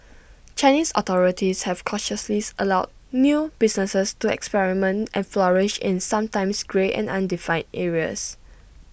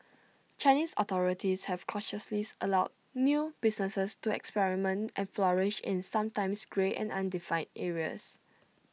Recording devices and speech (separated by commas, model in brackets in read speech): boundary microphone (BM630), mobile phone (iPhone 6), read sentence